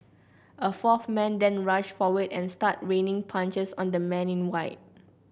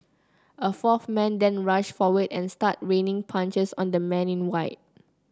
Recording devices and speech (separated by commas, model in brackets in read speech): boundary microphone (BM630), close-talking microphone (WH30), read sentence